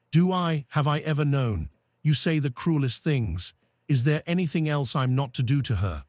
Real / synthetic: synthetic